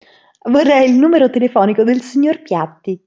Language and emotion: Italian, happy